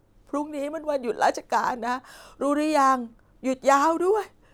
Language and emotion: Thai, sad